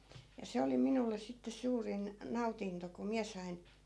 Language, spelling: Finnish, ja se oli minulle sitten suurin nautinto kun minä sain
- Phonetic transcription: ja 'se oli minulles̆ sitte 'suurin , 'nautinto ko "miä sain̬ ,.

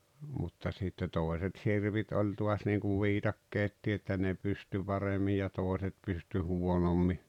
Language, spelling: Finnish, mutta sitten toiset sirpit oli taas niin kuin viikatteetkin että ne pystyi paremmin ja toiset pystyi huonommin
- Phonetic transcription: mutta sitte 'tòeset "sirpit oĺ 'tuas niiŋkuv 'viitakkeettii että ne 'pysty 'paremmij ja 'tòeset pysty 'huonommi .

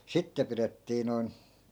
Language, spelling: Finnish, sitten pidettiin noin
- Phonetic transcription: 'sitte pirettii noi̮n ,.

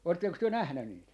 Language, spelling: Finnish, oletteko te nähnyt niitä
- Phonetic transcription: 'ootteks työ 'nähny niit ?

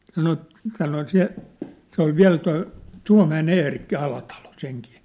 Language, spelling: Finnish, sanoi sanoi se se oli vielä tuo Tuomäen Eerikki Alatalo senkin
- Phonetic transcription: 'sano , sano 'se , se ‿ol "viä̭l toi , "Tua̭mä₍e'n ‿Eerikki 'Alatalo , 'seŋkii .

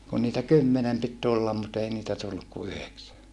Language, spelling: Finnish, kun niitä kymmenen piti tulla mutta ei niitä tullut kuin yhdeksän
- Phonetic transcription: kun niitä kymmenem pit tullam mut ‿ei niitä tulluk ku yheksä .

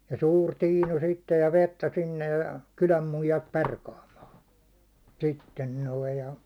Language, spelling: Finnish, ja suuri tiinu sitten ja vettä sinne ja kylän muijat perkaamaan sitten noin ja
- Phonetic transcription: ja suur 'tiinu sittej ja 'vettä sinnej ja , 'kyläm 'muijat "perkaamaan̬ , 'sitten noi ja .

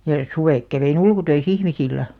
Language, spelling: Finnish, ja suvet kävin ulkotöissä ihmisillä
- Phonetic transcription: ja , 'suvèk kävei'n ‿ulku̳§töi"s ‿ihmisillä .

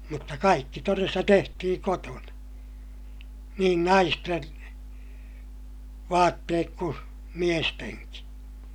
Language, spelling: Finnish, mutta kaikki todesta tehtiin kotona niin naisten vaatteet kuin miestenkin
- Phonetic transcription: mutta kaikki toresta tehtihiŋ kotona , niin naisten , vaatteek ku , miesteŋki .

